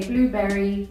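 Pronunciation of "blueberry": In 'blueberry', the 'berry' ending is said in full rather than shortened. This is not the usual way the word is said.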